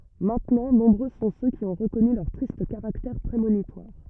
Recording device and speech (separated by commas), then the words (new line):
rigid in-ear microphone, read sentence
Maintenant, nombreux sont ceux qui ont reconnu leur triste caractère prémonitoire.